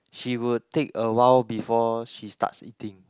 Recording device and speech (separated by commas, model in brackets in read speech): close-talking microphone, conversation in the same room